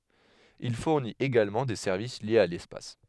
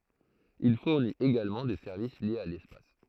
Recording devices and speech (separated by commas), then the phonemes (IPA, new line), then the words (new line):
headset microphone, throat microphone, read sentence
il fuʁnit eɡalmɑ̃ de sɛʁvis ljez a lɛspas
Il fournit également des services liés à l’espace.